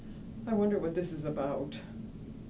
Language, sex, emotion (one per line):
English
female
fearful